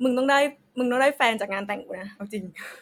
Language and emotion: Thai, happy